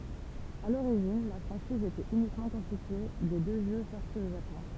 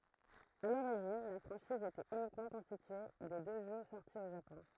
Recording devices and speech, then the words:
temple vibration pickup, throat microphone, read sentence
À l'origine, la franchise était uniquement constituée des deux jeux sortis au Japon.

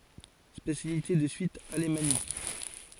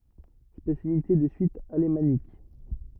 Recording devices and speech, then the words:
forehead accelerometer, rigid in-ear microphone, read sentence
Spécialité de Suisse alémanique.

